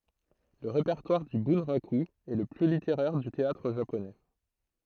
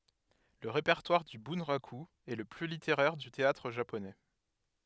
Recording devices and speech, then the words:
throat microphone, headset microphone, read sentence
Le répertoire du bunraku est le plus littéraire du théâtre japonais.

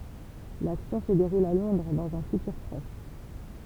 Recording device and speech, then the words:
temple vibration pickup, read sentence
L’action se déroule à Londres, dans un futur proche.

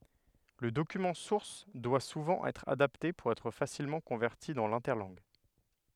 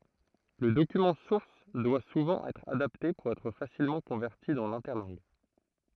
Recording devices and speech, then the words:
headset microphone, throat microphone, read sentence
Le document source doit souvent être adapté pour être facilement converti dans l'interlangue.

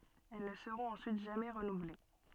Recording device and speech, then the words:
soft in-ear microphone, read sentence
Elles ne seront ensuite jamais renouvelées.

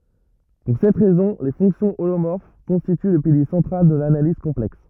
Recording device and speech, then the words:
rigid in-ear microphone, read sentence
Pour cette raison, les fonctions holomorphes constituent le pilier central de l'analyse complexe.

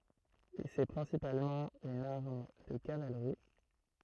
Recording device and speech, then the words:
throat microphone, read sentence
C'est principalement une arme de cavalerie.

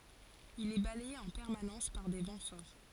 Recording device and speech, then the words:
forehead accelerometer, read sentence
Il est balayé en permanence par des vents forts.

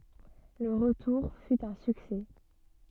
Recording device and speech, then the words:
soft in-ear microphone, read sentence
Le retour fut un succès.

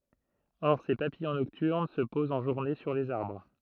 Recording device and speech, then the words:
throat microphone, read sentence
Or ces papillons nocturnes se posent en journée sur les arbres.

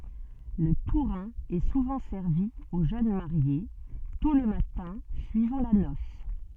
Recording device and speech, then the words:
soft in-ear microphone, read sentence
Le tourin est souvent servi aux jeunes mariés, tôt le matin suivant la noce.

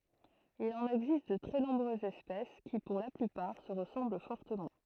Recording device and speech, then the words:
throat microphone, read sentence
Il en existe de très nombreuses espèces, qui, pour la plupart, se ressemblent fortement.

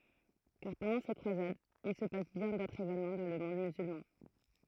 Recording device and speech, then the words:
throat microphone, read sentence
Car, pendant ces croisades, il se passe bien d'autres événements dans le monde musulman.

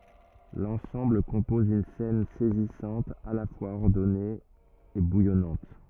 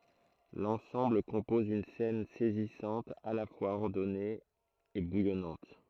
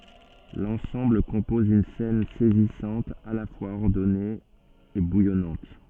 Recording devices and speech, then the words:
rigid in-ear microphone, throat microphone, soft in-ear microphone, read sentence
L'ensemble compose une scène saisissante, à la fois ordonnée et bouillonnante.

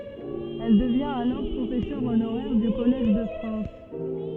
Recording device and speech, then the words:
soft in-ear microphone, read sentence
Elle devient alors professeur honoraire du Collège de France.

